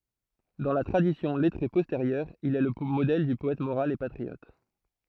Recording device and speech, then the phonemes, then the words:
throat microphone, read sentence
dɑ̃ la tʁadisjɔ̃ lɛtʁe pɔsteʁjœʁ il ɛ lə modɛl dy pɔɛt moʁal e patʁiɔt
Dans la tradition lettrée postérieure, il est le modèle du poète moral et patriote.

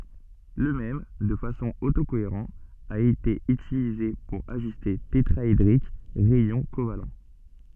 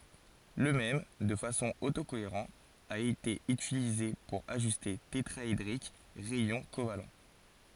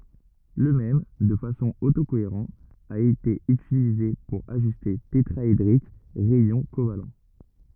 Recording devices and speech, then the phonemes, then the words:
soft in-ear microphone, forehead accelerometer, rigid in-ear microphone, read sentence
lə mɛm də fasɔ̃ oto koeʁɑ̃ a ete ytilize puʁ aʒyste tetʁaedʁik ʁɛjɔ̃ koval
Le même, de façon auto-cohérent a été utilisée pour ajuster tétraédrique rayons covalents.

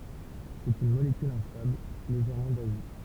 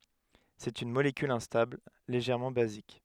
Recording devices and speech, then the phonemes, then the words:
temple vibration pickup, headset microphone, read sentence
sɛt yn molekyl ɛ̃stabl leʒɛʁmɑ̃ bazik
C'est une molécule instable, légèrement basique.

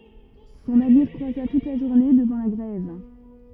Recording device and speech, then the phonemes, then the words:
rigid in-ear microphone, read sentence
sɔ̃ naviʁ kʁwaza tut la ʒuʁne dəvɑ̃ la ɡʁɛv
Son navire croisa toute la journée devant la grève.

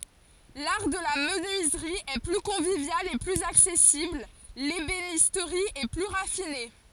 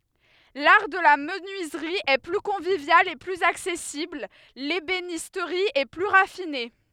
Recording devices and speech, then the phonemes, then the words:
forehead accelerometer, headset microphone, read sentence
laʁ də la mənyizʁi ɛ ply kɔ̃vivjal e plyz aksɛsibl lebenistʁi ɛ ply ʁafine
L'art de la menuiserie est plus convivial et plus accessible, l'ébénisterie est plus raffinée.

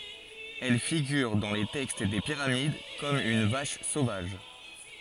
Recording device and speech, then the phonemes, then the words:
forehead accelerometer, read sentence
ɛl fiɡyʁ dɑ̃ le tɛkst de piʁamid kɔm yn vaʃ sovaʒ
Elle figure dans les textes des pyramides comme une vache sauvage.

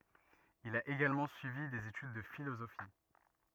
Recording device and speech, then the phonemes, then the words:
rigid in-ear microphone, read sentence
il a eɡalmɑ̃ syivi dez etyd də filozofi
Il a également suivi des études de philosophie.

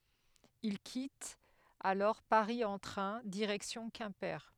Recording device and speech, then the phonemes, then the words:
headset microphone, read sentence
il kitt alɔʁ paʁi ɑ̃ tʁɛ̃ diʁɛksjɔ̃ kɛ̃pe
Ils quittent alors Paris en train, direction Quimper.

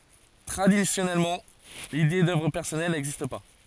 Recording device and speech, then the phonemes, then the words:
forehead accelerometer, read sentence
tʁadisjɔnɛlmɑ̃ lide dœvʁ pɛʁsɔnɛl nɛɡzist pa
Traditionnellement, l'idée d'œuvre personnelle n'existe pas.

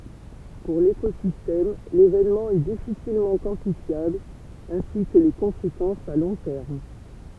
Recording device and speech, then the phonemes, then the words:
temple vibration pickup, read sentence
puʁ lekozistɛm levenmɑ̃ ɛ difisilmɑ̃ kwɑ̃tifjabl ɛ̃si kə le kɔ̃sekɑ̃sz a lɔ̃ tɛʁm
Pour l'écosystème, l'événement est difficilement quantifiable ainsi que les conséquences à long terme.

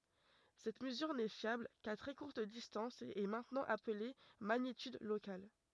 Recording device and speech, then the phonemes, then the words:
rigid in-ear microphone, read sentence
sɛt məzyʁ nɛ fjabl ka tʁɛ kuʁt distɑ̃s e ɛ mɛ̃tnɑ̃ aple maɲityd lokal
Cette mesure n'est fiable qu'à très courte distance et est maintenant appelée magnitude locale.

